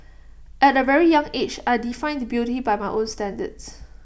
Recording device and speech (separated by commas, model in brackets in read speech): boundary microphone (BM630), read sentence